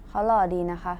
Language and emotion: Thai, neutral